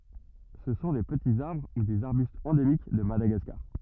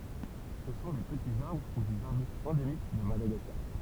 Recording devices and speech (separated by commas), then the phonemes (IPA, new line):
rigid in-ear microphone, temple vibration pickup, read sentence
sə sɔ̃ de pətiz aʁbʁ u dez aʁbystz ɑ̃demik də madaɡaskaʁ